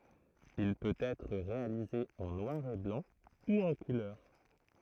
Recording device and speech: throat microphone, read sentence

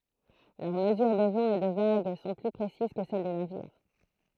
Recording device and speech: throat microphone, read sentence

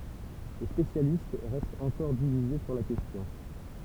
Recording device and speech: temple vibration pickup, read sentence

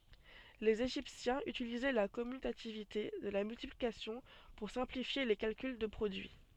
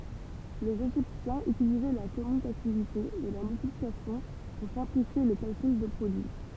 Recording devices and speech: soft in-ear microphone, temple vibration pickup, read sentence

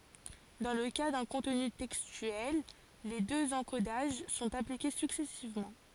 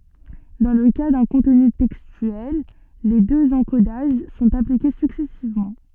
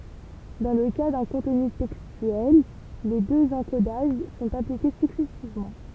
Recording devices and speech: forehead accelerometer, soft in-ear microphone, temple vibration pickup, read sentence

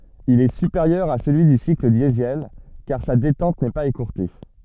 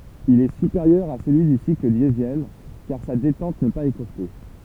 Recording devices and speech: soft in-ear microphone, temple vibration pickup, read sentence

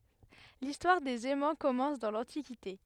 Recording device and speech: headset microphone, read sentence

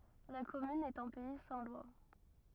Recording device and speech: rigid in-ear microphone, read sentence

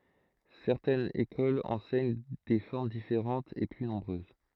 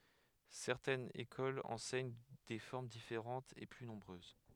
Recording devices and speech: throat microphone, headset microphone, read sentence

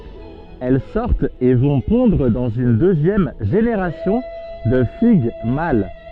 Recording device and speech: soft in-ear microphone, read sentence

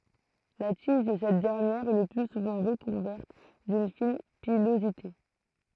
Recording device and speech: throat microphone, read sentence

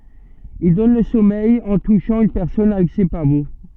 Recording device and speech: soft in-ear microphone, read sentence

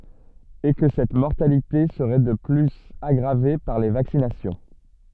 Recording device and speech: soft in-ear microphone, read sentence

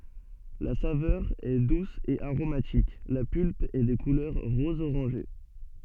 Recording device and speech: soft in-ear microphone, read sentence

